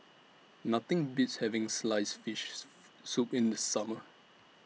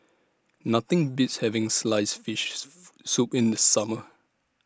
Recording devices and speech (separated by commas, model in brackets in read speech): mobile phone (iPhone 6), standing microphone (AKG C214), read sentence